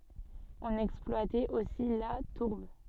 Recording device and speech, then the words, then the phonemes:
soft in-ear microphone, read sentence
On exploitait aussi la tourbe.
ɔ̃n ɛksplwatɛt osi la tuʁb

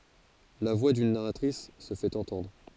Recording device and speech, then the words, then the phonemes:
forehead accelerometer, read sentence
La voix d'une narratrice se fait entendre.
la vwa dyn naʁatʁis sə fɛt ɑ̃tɑ̃dʁ

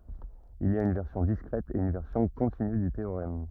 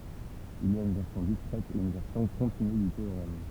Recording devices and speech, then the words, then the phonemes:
rigid in-ear microphone, temple vibration pickup, read sentence
Il y a une version discrète et une version continue du théorème.
il i a yn vɛʁsjɔ̃ diskʁɛt e yn vɛʁsjɔ̃ kɔ̃tiny dy teoʁɛm

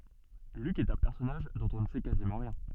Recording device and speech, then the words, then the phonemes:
soft in-ear microphone, read sentence
Luc est un personnage dont on ne sait quasiment rien.
lyk ɛt œ̃ pɛʁsɔnaʒ dɔ̃t ɔ̃ nə sɛ kazimɑ̃ ʁjɛ̃

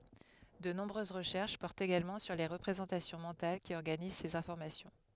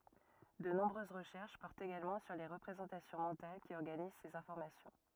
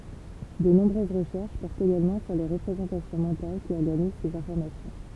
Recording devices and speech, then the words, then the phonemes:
headset microphone, rigid in-ear microphone, temple vibration pickup, read sentence
De nombreuses recherches portent également sur les représentations mentales qui organisent ces informations.
də nɔ̃bʁøz ʁəʃɛʁʃ pɔʁtt eɡalmɑ̃ syʁ le ʁəpʁezɑ̃tasjɔ̃ mɑ̃tal ki ɔʁɡaniz sez ɛ̃fɔʁmasjɔ̃

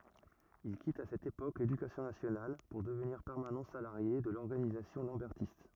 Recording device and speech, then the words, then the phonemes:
rigid in-ear microphone, read sentence
Il quitte à cette époque l'Éducation nationale pour devenir permanent salarié de l'organisation lambertiste.
il kit a sɛt epok ledykasjɔ̃ nasjonal puʁ dəvniʁ pɛʁmanɑ̃ salaʁje də lɔʁɡanizasjɔ̃ lɑ̃bɛʁtist

